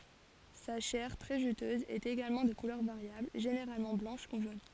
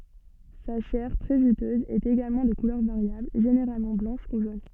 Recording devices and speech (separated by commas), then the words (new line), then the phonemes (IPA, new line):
forehead accelerometer, soft in-ear microphone, read sentence
Sa chair, très juteuse, est également de couleur variable, généralement blanche ou jaune.
sa ʃɛʁ tʁɛ ʒytøz ɛt eɡalmɑ̃ də kulœʁ vaʁjabl ʒeneʁalmɑ̃ blɑ̃ʃ u ʒon